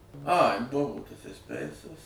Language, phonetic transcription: Lithuanian, ai ˈbuvo ˈtas esˈpeisas

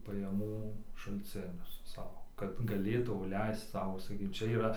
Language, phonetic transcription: Lithuanian, pajaˈmų šalcˈinius ˈsau kad gaˈlėtau ˈleisc ˈsau saˈkyk ˈčia yˈra

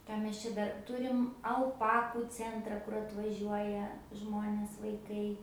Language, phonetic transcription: Lithuanian, ˈką mes ˈčia ˈdar ˈturim alˈpaku cenˈtra kur atvaˈžiuoja ˈžmonės vaiˈkai

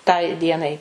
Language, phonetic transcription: Lithuanian, tai ˈdienai

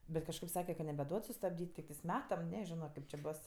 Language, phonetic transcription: Lithuanian, ˈbet kažˈkaip ˈsake ka nebeˈduod sustabˈdyt' tikˈtɜs ˈmetam ˈneˌžino ˈkaip čė ˈbos

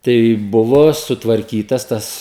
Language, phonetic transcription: Lithuanian, tai ˈbuvo sutvarˈkytas ˈtas

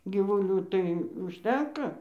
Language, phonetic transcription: Lithuanian, gyvuˈlių tai užˈtenka

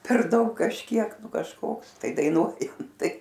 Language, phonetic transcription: Lithuanian, per ˈdaug kažˈkiek ˈnu kažˈkoks tai daiˈnuojam ˈtai

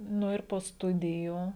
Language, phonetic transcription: Lithuanian, ˈnu ir po ˈstudijų

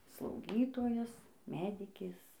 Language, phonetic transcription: Lithuanian, slauˈgytojas ˈmedikės

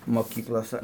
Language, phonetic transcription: Lithuanian, moˈkyklosa

